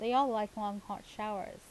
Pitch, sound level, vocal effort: 210 Hz, 84 dB SPL, normal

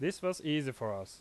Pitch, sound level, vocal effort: 150 Hz, 87 dB SPL, loud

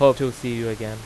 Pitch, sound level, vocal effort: 120 Hz, 92 dB SPL, loud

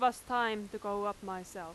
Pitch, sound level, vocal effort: 205 Hz, 92 dB SPL, very loud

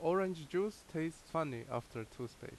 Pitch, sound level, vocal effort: 160 Hz, 83 dB SPL, loud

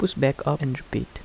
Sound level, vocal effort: 76 dB SPL, soft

